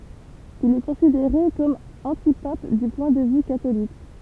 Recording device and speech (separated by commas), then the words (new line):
temple vibration pickup, read sentence
Il est considéré comme antipape du point de vue catholique.